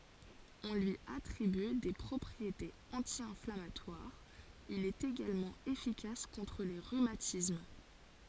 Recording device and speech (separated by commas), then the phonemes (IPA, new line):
forehead accelerometer, read sentence
ɔ̃ lyi atʁiby de pʁɔpʁietez ɑ̃tjɛ̃flamatwaʁz il ɛt eɡalmɑ̃ efikas kɔ̃tʁ le ʁymatism